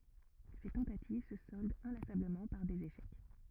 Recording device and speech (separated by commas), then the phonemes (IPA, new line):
rigid in-ear microphone, read sentence
se tɑ̃tativ sə sɔldt ɛ̃lasabləmɑ̃ paʁ dez eʃɛk